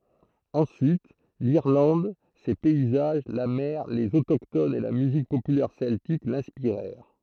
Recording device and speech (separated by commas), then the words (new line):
throat microphone, read sentence
Ensuite, l'Irlande, ses paysages, la mer, les autochtones et la musique populaire celtique l'inspirèrent.